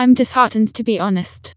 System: TTS, vocoder